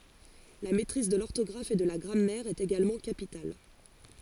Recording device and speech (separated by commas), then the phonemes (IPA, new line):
forehead accelerometer, read sentence
la mɛtʁiz də lɔʁtɔɡʁaf e də la ɡʁamɛʁ ɛt eɡalmɑ̃ kapital